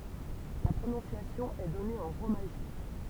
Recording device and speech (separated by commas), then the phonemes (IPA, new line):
temple vibration pickup, read sentence
la pʁonɔ̃sjasjɔ̃ ɛ dɔne ɑ̃ ʁomaʒi